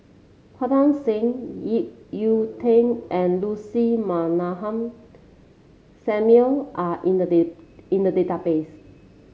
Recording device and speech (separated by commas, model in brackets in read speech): mobile phone (Samsung C7), read sentence